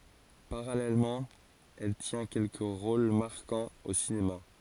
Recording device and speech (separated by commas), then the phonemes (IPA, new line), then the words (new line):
forehead accelerometer, read sentence
paʁalɛlmɑ̃ ɛl tjɛ̃ kɛlkə ʁol maʁkɑ̃z o sinema
Parallèlement, elle tient quelques rôles marquants au cinéma.